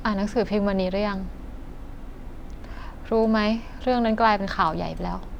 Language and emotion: Thai, frustrated